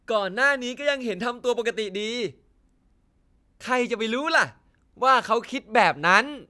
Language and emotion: Thai, happy